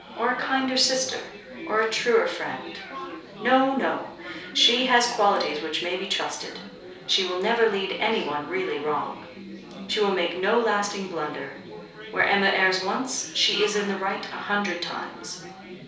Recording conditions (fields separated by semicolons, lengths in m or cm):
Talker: one person; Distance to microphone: 3.0 m; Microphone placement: far; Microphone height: 1.8 m; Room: small (3.7 m by 2.7 m); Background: babble